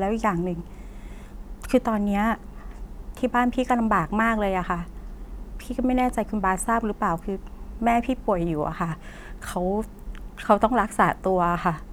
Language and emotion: Thai, frustrated